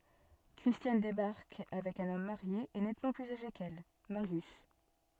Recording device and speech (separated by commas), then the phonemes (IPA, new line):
soft in-ear microphone, read sentence
kʁistjan debaʁk avɛk œ̃n ɔm maʁje e nɛtmɑ̃ plyz aʒe kɛl maʁjys